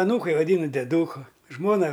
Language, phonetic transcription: Lithuanian, aˈnūkai vaˈdynu deˈdūku ˈžmona

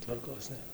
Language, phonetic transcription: Lithuanian, tvarˈkos nėˈra

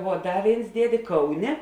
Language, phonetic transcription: Lithuanian, vuo ˈda ˈvėins ˈdiedė ˈkauˌnė

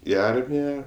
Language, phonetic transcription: Lithuanian, i ˈarmija

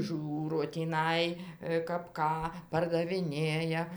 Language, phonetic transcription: Lithuanian, ˈžiūro tįˈnai kap ˈką pardaviˈnėja

